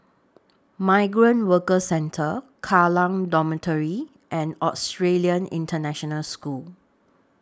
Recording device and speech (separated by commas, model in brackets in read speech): standing microphone (AKG C214), read sentence